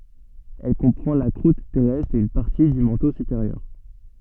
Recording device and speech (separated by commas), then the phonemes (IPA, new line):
soft in-ear microphone, read sentence
ɛl kɔ̃pʁɑ̃ la kʁut tɛʁɛstʁ e yn paʁti dy mɑ̃to sypeʁjœʁ